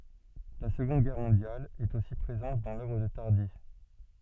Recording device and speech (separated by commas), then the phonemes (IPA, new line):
soft in-ear microphone, read sentence
la səɡɔ̃d ɡɛʁ mɔ̃djal ɛt osi pʁezɑ̃t dɑ̃ lœvʁ də taʁdi